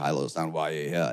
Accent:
British accent